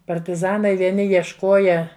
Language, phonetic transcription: Lithuanian, partiˈzanai vieˈni jiešˈkoja

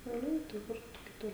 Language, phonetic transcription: Lithuanian, šiauˈliai tai ˈkur tu kiˈtur

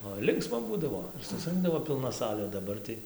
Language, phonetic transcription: Lithuanian, oi ˈlinksma ˈbūdavo ir susˈrɨnkdavo pilˈna ˈsalė daˈbar tai

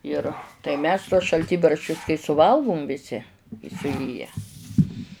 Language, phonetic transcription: Lithuanian, ˈir tai ˈmes tuos šalˈtybarščius kai suˈvalgum viˈsi i suˈėję

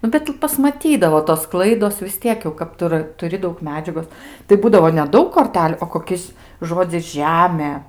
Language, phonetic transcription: Lithuanian, ˈnu bet pasmaˈtydavo tos ˈklaidos vis ˈtiek jau kad ˈtu ra tuˈri ˈdaug meˈdžiagos tai ˈbūdavo neˈdaug korˈteliu o koˈkis ˈžodzis ˈžemė

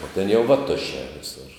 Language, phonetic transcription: Lithuanian, o ten jau vaˈtušē viˈsur

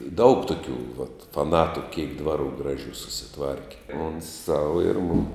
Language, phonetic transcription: Lithuanian, i daug tuˈkių vat faˈnatu kėk ˈdvaˌrų ˈgraˌžių susiˈtvarki ˈons ˈsau ir ˈmum

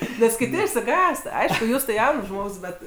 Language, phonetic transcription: Lithuanian, nes kiˈti išsiˈgąst ˈaišku ˈjūs tai ˈjauns ˈžmogs ˈbet

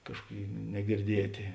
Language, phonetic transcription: Lithuanian, ˈkažkuoˌkėi negirˈdietė

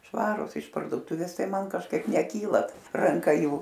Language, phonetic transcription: Lithuanian, ˈšvarus iš pardoˈtuvės ˈtai ˈman kažˈkaip neˈkyla ranˈka ˈjų

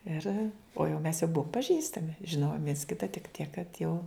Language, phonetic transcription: Lithuanian, ˈir o jau mes jau ˈbuom paˈžįstami žiˈnojom viens ˈkita tik ˈtiek kad jau

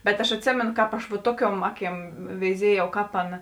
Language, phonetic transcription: Lithuanian, bet aš atˈsėmėnu ˈkāp aš va ˈtuoˌkiuom ˈaˌkiem veiˈziejau ˈkāp ˈaˌna

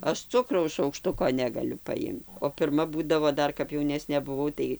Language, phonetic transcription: Lithuanian, ˈaš ˈcukraus šaukˈštuko negaˈliu paˈimt o pirˈma ˈbūdavo ˈdar kap jauˈnesnė buˈvau tai

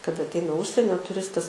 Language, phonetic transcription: Lithuanian, kaˈda atˈeina ˈužsienio tuˈristas

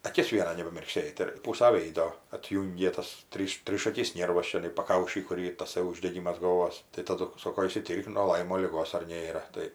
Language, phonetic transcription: Lithuanian, aˈkis ˈviena nebamirkˈsėt ir ˈpūsa ˈvėido atˈjūngė tas ˈtryš ˈtryšakis ˈnėrvas čiaˈnai paˈkaušy ˈkur ˈyr taˈsai uždeˈgimas galˈvos tai taˈdu ˈsoko išsiˈtyrk nuo ˈlaimo liˈgos ar ˈnėra ˈtai

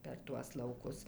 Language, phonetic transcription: Lithuanian, per ˈtuos lauˈkus

